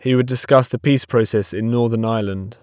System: none